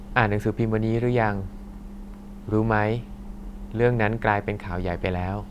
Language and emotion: Thai, neutral